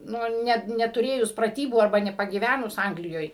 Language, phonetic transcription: Lithuanian, ˈnu ˈnet netuˈrėjus praˈtybų arˈba nepagyˈvænus ˈanglijoj

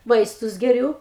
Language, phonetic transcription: Lithuanian, ˈvaistus geˈriū

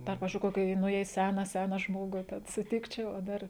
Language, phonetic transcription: Lithuanian, dar ˈpavizdžiui ˈkoki ˈnu jei ˈsena ˈsena ˈžmogu ten suˈtikčiau o ˈdar

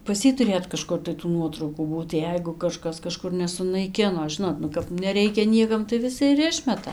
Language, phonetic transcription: Lithuanian, pas ˈjį tuˈrėt kaˈžkur tai tų ˈnuotraukų ˈbūt ˈjeigu kaˈžkas kaˈžkur nesunaiˈkino ˈžinot nu kap neˈreikia ˈniekam tai viˈsi ir ˈišmeta

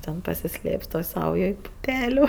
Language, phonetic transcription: Lithuanian, ten pasiˈslėps toj ˈsaujoj puˈpeliu

